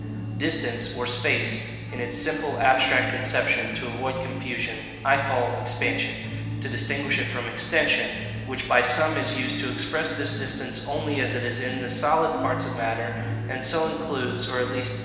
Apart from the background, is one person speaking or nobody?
One person.